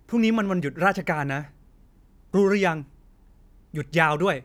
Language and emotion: Thai, angry